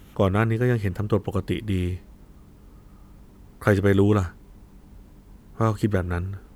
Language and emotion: Thai, frustrated